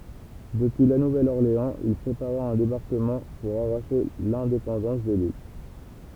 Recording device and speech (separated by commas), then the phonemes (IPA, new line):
temple vibration pickup, read sentence
dəpyi la nuvɛl ɔʁleɑ̃z il pʁepaʁa œ̃ debaʁkəmɑ̃ puʁ aʁaʃe lɛ̃depɑ̃dɑ̃s də lil